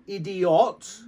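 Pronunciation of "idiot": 'idiot' is pronounced incorrectly here.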